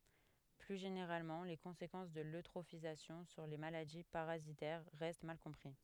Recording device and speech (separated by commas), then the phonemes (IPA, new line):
headset microphone, read sentence
ply ʒeneʁalmɑ̃ le kɔ̃sekɑ̃s də løtʁofizasjɔ̃ syʁ le maladi paʁazitɛʁ ʁɛst mal kɔ̃pʁi